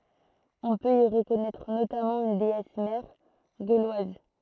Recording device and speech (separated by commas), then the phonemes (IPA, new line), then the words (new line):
throat microphone, read sentence
ɔ̃ pøt i ʁəkɔnɛtʁ notamɑ̃ yn deɛs mɛʁ ɡolwaz
On peut y reconnaître notamment une déesse mère gauloise.